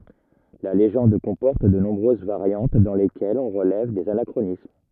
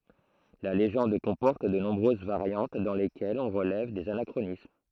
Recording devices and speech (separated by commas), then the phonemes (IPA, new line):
rigid in-ear microphone, throat microphone, read sentence
la leʒɑ̃d kɔ̃pɔʁt də nɔ̃bʁøz vaʁjɑ̃t dɑ̃ lekɛlz ɔ̃ ʁəlɛv dez anakʁonism